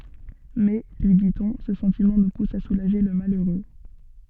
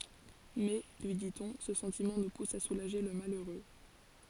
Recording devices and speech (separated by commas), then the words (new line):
soft in-ear microphone, forehead accelerometer, read sentence
Mais, lui dit-on, ce sentiment nous pousse à soulager le malheureux.